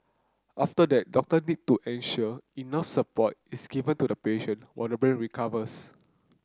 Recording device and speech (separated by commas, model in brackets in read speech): close-talking microphone (WH30), read sentence